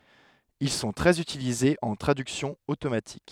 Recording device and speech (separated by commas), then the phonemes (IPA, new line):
headset microphone, read sentence
il sɔ̃ tʁɛz ytilizez ɑ̃ tʁadyksjɔ̃ otomatik